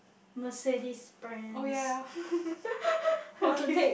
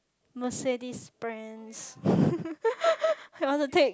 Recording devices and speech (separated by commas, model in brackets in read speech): boundary microphone, close-talking microphone, conversation in the same room